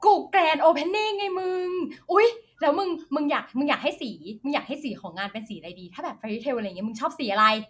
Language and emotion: Thai, happy